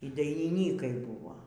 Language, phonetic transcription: Lithuanian, y dainiˈnykai ˈbūvo

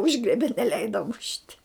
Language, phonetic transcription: Lithuanian, ˈužgriebe neˈleida mušt'

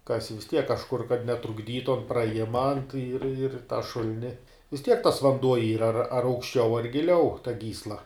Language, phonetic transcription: Lithuanian, ˈkasi vis ˈtiek kažˈkur kad netrukˈdytu an praˈjima ir ir tą ˈšul'ni vis tiek tas vanˈduo ˈyra ar ar aukšˈčiau ar giˈliau ta ˈgysla

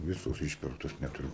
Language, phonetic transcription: Lithuanian, ˈvisos ˈišpirktos netuˈriu

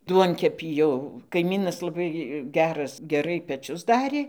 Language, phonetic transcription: Lithuanian, ˈduonkepį jau kaiˈmynas laˈbai ˈgeras geˈrai peˈčius ˈdarė

